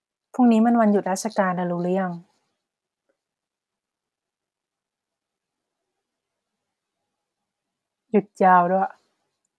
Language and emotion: Thai, neutral